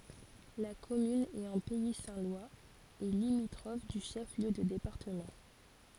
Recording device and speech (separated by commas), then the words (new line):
forehead accelerometer, read sentence
La commune est en pays saint-lois et limitrophe du chef-lieu de département.